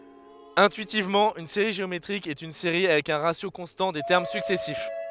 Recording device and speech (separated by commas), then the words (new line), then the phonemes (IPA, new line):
headset microphone, read sentence
Intuitivement, une série géométrique est une série avec un ratio constant des termes successifs.
ɛ̃tyitivmɑ̃ yn seʁi ʒeometʁik ɛt yn seʁi avɛk œ̃ ʁasjo kɔ̃stɑ̃ de tɛʁm syksɛsif